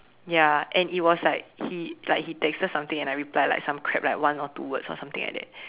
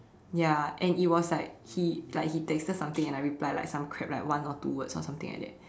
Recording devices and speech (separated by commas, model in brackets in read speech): telephone, standing microphone, conversation in separate rooms